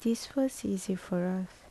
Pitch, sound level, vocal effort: 195 Hz, 71 dB SPL, soft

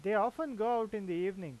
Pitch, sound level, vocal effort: 210 Hz, 94 dB SPL, normal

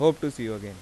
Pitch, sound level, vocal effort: 115 Hz, 89 dB SPL, normal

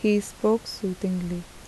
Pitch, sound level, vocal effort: 200 Hz, 77 dB SPL, soft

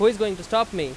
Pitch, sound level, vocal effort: 215 Hz, 96 dB SPL, very loud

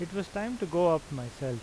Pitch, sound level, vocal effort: 170 Hz, 86 dB SPL, normal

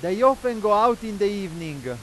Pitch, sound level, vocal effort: 205 Hz, 102 dB SPL, very loud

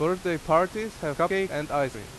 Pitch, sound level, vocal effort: 165 Hz, 90 dB SPL, very loud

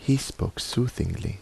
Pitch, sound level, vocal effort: 110 Hz, 73 dB SPL, soft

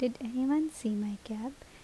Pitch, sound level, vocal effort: 245 Hz, 74 dB SPL, soft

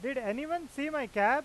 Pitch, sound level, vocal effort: 275 Hz, 98 dB SPL, loud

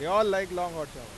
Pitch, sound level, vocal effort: 180 Hz, 102 dB SPL, very loud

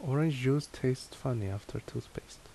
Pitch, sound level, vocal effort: 130 Hz, 72 dB SPL, soft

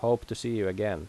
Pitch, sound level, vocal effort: 115 Hz, 85 dB SPL, normal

